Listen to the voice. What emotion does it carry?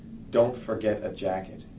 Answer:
neutral